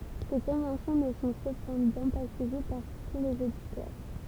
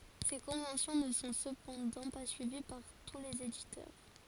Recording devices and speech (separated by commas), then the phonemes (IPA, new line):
temple vibration pickup, forehead accelerometer, read sentence
se kɔ̃vɑ̃sjɔ̃ nə sɔ̃ səpɑ̃dɑ̃ pa syivi paʁ tu lez editœʁ